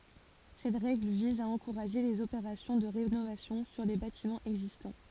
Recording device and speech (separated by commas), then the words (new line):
forehead accelerometer, read sentence
Cette règle vise à encourager les opérations de rénovation sur les bâtiments existants.